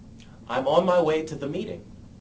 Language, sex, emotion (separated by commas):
English, male, neutral